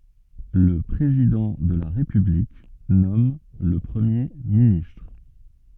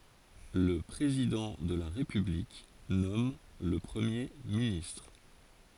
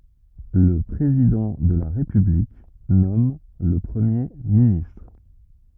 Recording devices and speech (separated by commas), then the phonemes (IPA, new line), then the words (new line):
soft in-ear microphone, forehead accelerometer, rigid in-ear microphone, read sentence
lə pʁezidɑ̃ də la ʁepyblik nɔm lə pʁəmje ministʁ
Le président de la République nomme le Premier ministre.